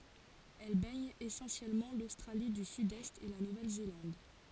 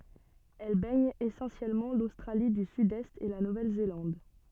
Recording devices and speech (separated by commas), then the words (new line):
forehead accelerometer, soft in-ear microphone, read sentence
Elle baigne essentiellement l'Australie du Sud-Est et la Nouvelle-Zélande.